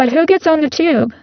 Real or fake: fake